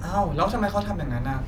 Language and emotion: Thai, neutral